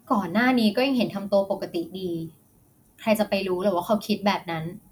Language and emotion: Thai, neutral